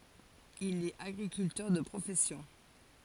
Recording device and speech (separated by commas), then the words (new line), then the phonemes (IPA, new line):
forehead accelerometer, read sentence
Il est agriculteur de profession.
il ɛt aɡʁikyltœʁ də pʁofɛsjɔ̃